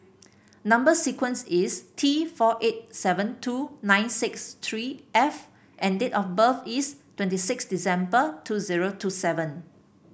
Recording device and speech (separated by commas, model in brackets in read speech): boundary microphone (BM630), read sentence